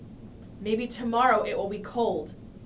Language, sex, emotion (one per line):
English
female
neutral